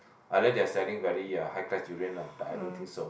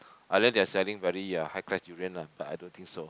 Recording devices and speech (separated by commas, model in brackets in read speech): boundary microphone, close-talking microphone, conversation in the same room